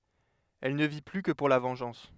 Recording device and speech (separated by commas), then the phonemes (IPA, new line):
headset microphone, read sentence
ɛl nə vi ply kə puʁ la vɑ̃ʒɑ̃s